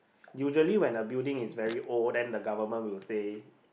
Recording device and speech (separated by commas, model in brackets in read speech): boundary microphone, conversation in the same room